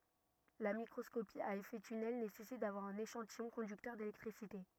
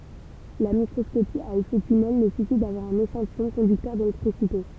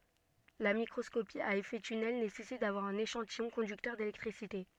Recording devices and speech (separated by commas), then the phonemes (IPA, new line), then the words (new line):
rigid in-ear microphone, temple vibration pickup, soft in-ear microphone, read sentence
la mikʁɔskopi a efɛ tynɛl nesɛsit davwaʁ œ̃n eʃɑ̃tijɔ̃ kɔ̃dyktœʁ delɛktʁisite
La microscopie à effet tunnel nécessite d'avoir un échantillon conducteur d'électricité.